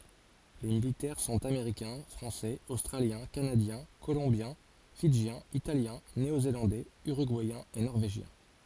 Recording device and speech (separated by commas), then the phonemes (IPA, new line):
forehead accelerometer, read sentence
le militɛʁ sɔ̃t ameʁikɛ̃ fʁɑ̃sɛz ostʁaljɛ̃ kanadjɛ̃ kolɔ̃bjɛ̃ fidʒjɛ̃z italjɛ̃ neozelɑ̃dɛz yʁyɡuɛjɛ̃z e nɔʁveʒjɛ̃